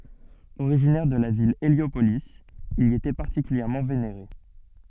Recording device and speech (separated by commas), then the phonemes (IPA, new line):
soft in-ear microphone, read sentence
oʁiʒinɛʁ də la vil eljopoli il i etɛ paʁtikyljɛʁmɑ̃ veneʁe